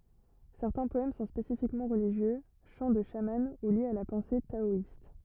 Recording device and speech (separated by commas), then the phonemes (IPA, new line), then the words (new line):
rigid in-ear microphone, read sentence
sɛʁtɛ̃ pɔɛm sɔ̃ spesifikmɑ̃ ʁəliʒjø ʃɑ̃ də ʃamɑ̃ u ljez a la pɑ̃se taɔist
Certains poèmes sont spécifiquement religieux, chants de chaman ou liés à la pensée taoïste.